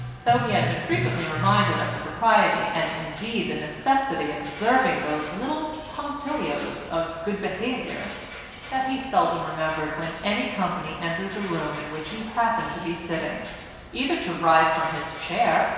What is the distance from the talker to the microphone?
1.7 m.